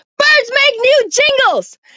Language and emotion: English, neutral